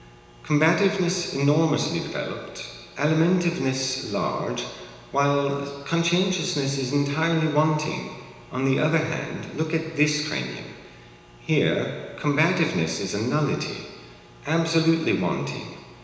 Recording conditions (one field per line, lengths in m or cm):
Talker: one person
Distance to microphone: 1.7 m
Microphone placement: close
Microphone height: 1.0 m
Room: very reverberant, large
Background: none